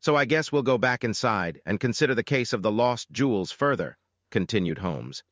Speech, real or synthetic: synthetic